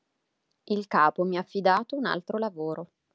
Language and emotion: Italian, neutral